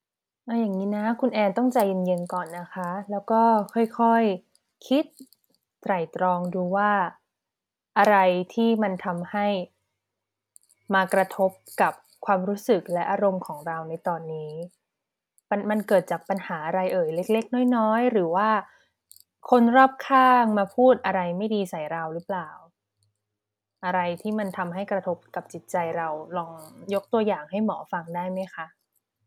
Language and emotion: Thai, neutral